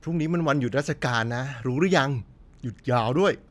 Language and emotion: Thai, happy